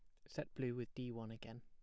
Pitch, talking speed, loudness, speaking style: 120 Hz, 265 wpm, -47 LUFS, plain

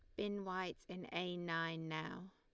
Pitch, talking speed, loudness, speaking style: 175 Hz, 170 wpm, -44 LUFS, Lombard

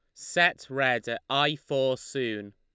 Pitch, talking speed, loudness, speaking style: 130 Hz, 155 wpm, -27 LUFS, Lombard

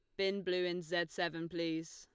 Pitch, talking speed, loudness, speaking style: 175 Hz, 205 wpm, -37 LUFS, Lombard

